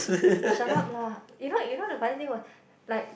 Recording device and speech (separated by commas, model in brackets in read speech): boundary microphone, conversation in the same room